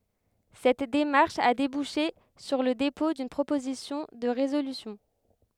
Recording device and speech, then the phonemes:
headset microphone, read sentence
sɛt demaʁʃ a debuʃe syʁ lə depɔ̃ dyn pʁopozisjɔ̃ də ʁezolysjɔ̃

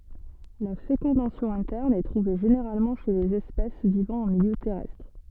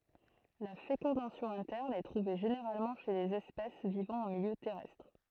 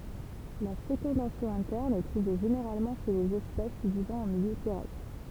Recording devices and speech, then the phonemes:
soft in-ear microphone, throat microphone, temple vibration pickup, read sentence
la fekɔ̃dasjɔ̃ ɛ̃tɛʁn ɛ tʁuve ʒeneʁalmɑ̃ ʃe lez ɛspɛs vivɑ̃ ɑ̃ miljø tɛʁɛstʁ

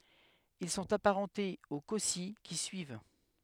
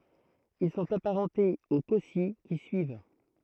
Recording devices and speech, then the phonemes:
headset microphone, throat microphone, read sentence
il sɔ̃t apaʁɑ̃tez o kɔsi ki syiv

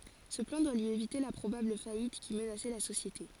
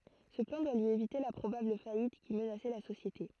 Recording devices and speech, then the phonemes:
forehead accelerometer, throat microphone, read sentence
sə plɑ̃ dwa lyi evite la pʁobabl fajit ki mənasɛ la sosjete

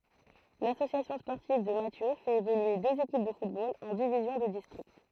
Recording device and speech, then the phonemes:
throat microphone, read sentence
lasosjasjɔ̃ spɔʁtiv də masjø fɛt evolye døz ekip də futbol ɑ̃ divizjɔ̃ də distʁikt

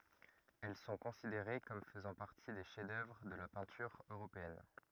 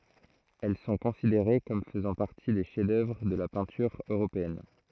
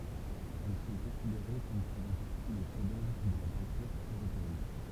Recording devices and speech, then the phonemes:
rigid in-ear microphone, throat microphone, temple vibration pickup, read sentence
ɛl sɔ̃ kɔ̃sideʁe kɔm fəzɑ̃ paʁti de ʃɛf dœvʁ də la pɛ̃tyʁ øʁopeɛn

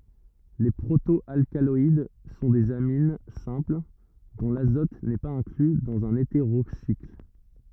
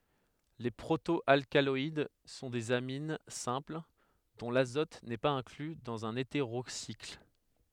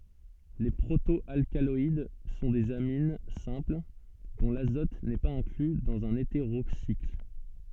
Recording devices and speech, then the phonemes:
rigid in-ear microphone, headset microphone, soft in-ear microphone, read sentence
le pʁoto alkalɔid sɔ̃ dez amin sɛ̃pl dɔ̃ lazɔt nɛ paz ɛ̃kly dɑ̃z œ̃n eteʁosikl

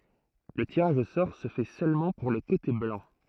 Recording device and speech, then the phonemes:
throat microphone, read sentence
lə tiʁaʒ o sɔʁ sə fɛ sølmɑ̃ puʁ lə kote blɑ̃

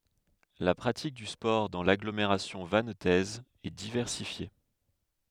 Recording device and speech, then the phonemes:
headset microphone, read sentence
la pʁatik dy spɔʁ dɑ̃ laɡlomeʁasjɔ̃ vantɛz ɛ divɛʁsifje

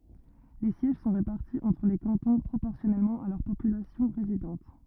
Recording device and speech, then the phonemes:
rigid in-ear microphone, read sentence
le sjɛʒ sɔ̃ ʁepaʁti ɑ̃tʁ le kɑ̃tɔ̃ pʁopɔʁsjɔnɛlmɑ̃ a lœʁ popylasjɔ̃ ʁezidɑ̃t

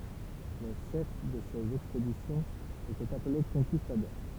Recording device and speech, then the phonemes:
temple vibration pickup, read sentence
le ʃɛf də sez ɛkspedisjɔ̃z etɛt aple kɔ̃kistadɔʁ

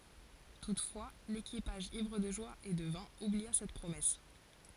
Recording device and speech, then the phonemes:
forehead accelerometer, read sentence
tutfwa lekipaʒ ivʁ də ʒwa e də vɛ̃ ublia sɛt pʁomɛs

